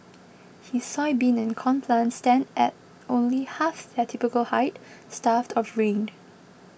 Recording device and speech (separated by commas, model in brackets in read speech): boundary microphone (BM630), read sentence